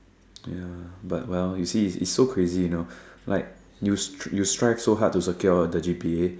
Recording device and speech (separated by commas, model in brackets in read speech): standing microphone, conversation in separate rooms